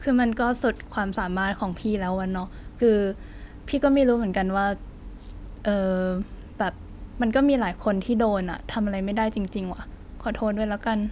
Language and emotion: Thai, frustrated